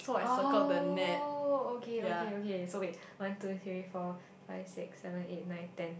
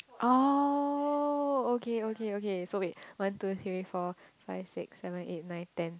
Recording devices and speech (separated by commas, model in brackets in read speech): boundary microphone, close-talking microphone, conversation in the same room